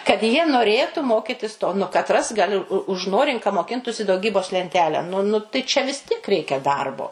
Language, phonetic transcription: Lithuanian, kad jie noˈrėtu ˈmokitis to nu kaˈtras gaˈli užˈnorink ka moˈkintusi dauˈgybos lenˈtelę nu nu tai čia vis ˈtiek ˈreikia ˈdarbo

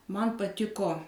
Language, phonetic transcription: Lithuanian, ˈman paˈtiko

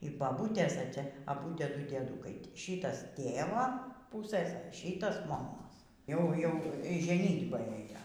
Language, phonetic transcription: Lithuanian, y baˈbūtės e ˈcia aˈbu ˈtieˈdu dieˈdūkai ˈšytas ˈtėvo ˈpusɘs ˈšytas moˈmos ˈjau ˈjau y žeˈnytbą ˈėjo

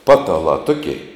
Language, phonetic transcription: Lithuanian, ˈpatalā ˈtukei

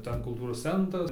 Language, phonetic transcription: Lithuanian, ˈten kulˈtūros ˈcentras

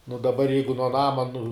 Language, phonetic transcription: Lithuanian, nu daˈbar ˈjeigu nuo ˈnama nu

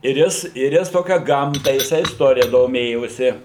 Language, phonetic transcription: Lithuanian, ir ˈjis ir ˈjis ˈtokia ˈgamta jiˈsai isˈtorija doˈmėjosi

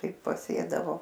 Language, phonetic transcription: Lithuanian, ˈtai paˈsėdavo

